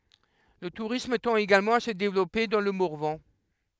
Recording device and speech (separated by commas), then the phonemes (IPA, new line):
headset microphone, read sentence
lə tuʁism tɑ̃t eɡalmɑ̃ a sə devlɔpe dɑ̃ lə mɔʁvɑ̃